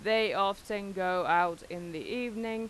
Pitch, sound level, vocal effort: 195 Hz, 91 dB SPL, loud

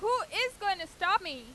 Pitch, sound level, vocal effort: 395 Hz, 99 dB SPL, very loud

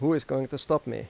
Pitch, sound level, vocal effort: 140 Hz, 88 dB SPL, normal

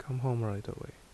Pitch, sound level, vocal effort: 125 Hz, 72 dB SPL, soft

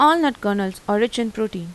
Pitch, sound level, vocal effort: 220 Hz, 87 dB SPL, normal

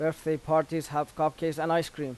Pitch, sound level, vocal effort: 155 Hz, 89 dB SPL, normal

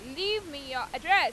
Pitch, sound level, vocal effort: 360 Hz, 100 dB SPL, very loud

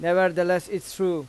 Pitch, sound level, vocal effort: 180 Hz, 93 dB SPL, loud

